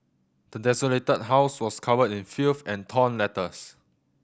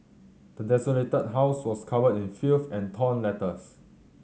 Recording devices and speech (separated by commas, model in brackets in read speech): boundary microphone (BM630), mobile phone (Samsung C7100), read sentence